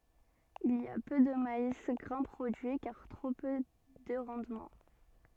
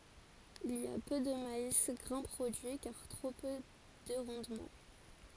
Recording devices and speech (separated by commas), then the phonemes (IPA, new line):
soft in-ear microphone, forehead accelerometer, read sentence
il i a pø də mais ɡʁɛ̃ pʁodyi kaʁ tʁo pø də ʁɑ̃dmɑ̃